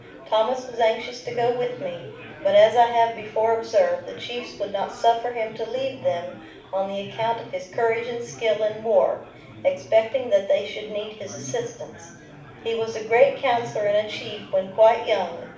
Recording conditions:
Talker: one person; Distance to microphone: 5.8 m; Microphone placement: far; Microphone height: 1.8 m; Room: medium-sized (5.7 m by 4.0 m); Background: babble

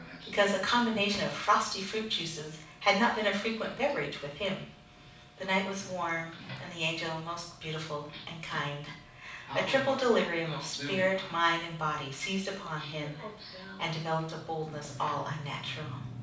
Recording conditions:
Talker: one person; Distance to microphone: 5.8 m; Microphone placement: far; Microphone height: 1.8 m; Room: medium-sized (5.7 m by 4.0 m); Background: television

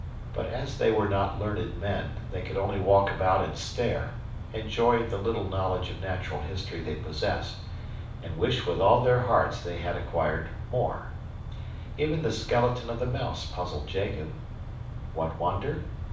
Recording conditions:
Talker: one person; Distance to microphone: 5.8 m; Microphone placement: far; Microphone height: 1.8 m; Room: medium-sized (5.7 m by 4.0 m); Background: none

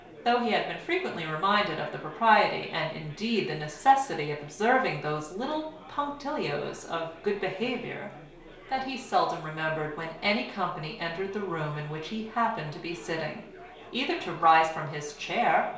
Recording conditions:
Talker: one person; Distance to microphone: 1.0 m; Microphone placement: close; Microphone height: 1.1 m; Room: small (3.7 m by 2.7 m); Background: babble

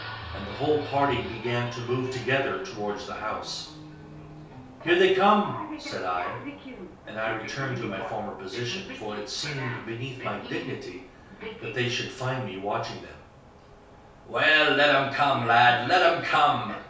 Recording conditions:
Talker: one person; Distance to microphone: 3.0 m; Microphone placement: far; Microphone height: 1.8 m; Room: small (3.7 m by 2.7 m); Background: television

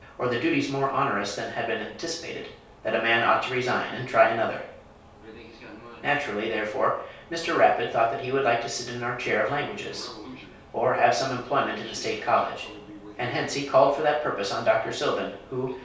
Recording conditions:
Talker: one person; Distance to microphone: 3.0 m; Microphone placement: far; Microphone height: 1.8 m; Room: small (3.7 m by 2.7 m); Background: television

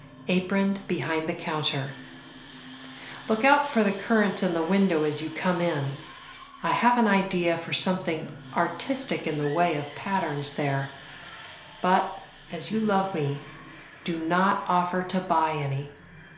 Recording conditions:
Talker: one person; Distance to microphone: 1.0 m; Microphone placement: close; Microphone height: 1.1 m; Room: small (3.7 m by 2.7 m); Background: television

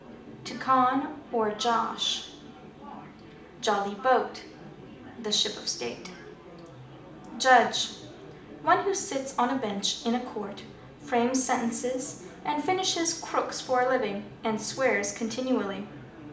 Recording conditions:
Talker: one person; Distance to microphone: 2.0 m; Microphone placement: close; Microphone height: 99 cm; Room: medium-sized (5.7 m by 4.0 m); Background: babble

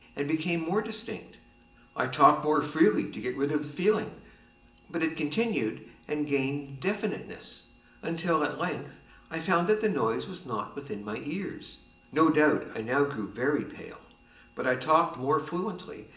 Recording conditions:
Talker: one person; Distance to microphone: 1.8 m; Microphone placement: close; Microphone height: 1.0 m; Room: large; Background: none

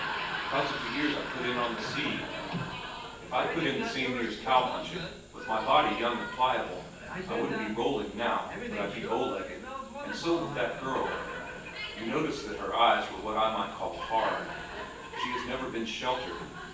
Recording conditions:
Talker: one person; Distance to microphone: 9.8 m; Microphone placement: far; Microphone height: 1.8 m; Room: large; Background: television

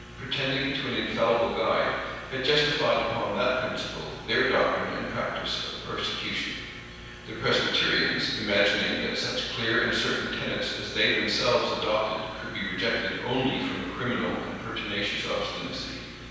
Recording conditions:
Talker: one person; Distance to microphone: 7.1 m; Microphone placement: far; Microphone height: 1.7 m; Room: very reverberant, large; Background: none

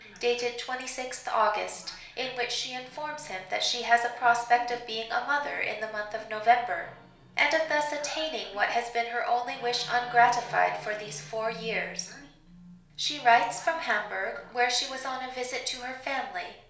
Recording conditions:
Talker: one person; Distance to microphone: 1.0 m; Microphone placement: close; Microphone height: 1.1 m; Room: small (3.7 m by 2.7 m); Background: television

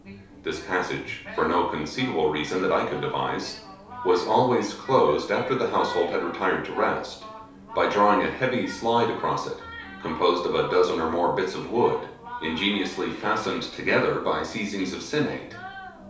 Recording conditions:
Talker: one person; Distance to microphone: 3.0 m; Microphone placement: far; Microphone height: 1.8 m; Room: small (3.7 m by 2.7 m); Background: television

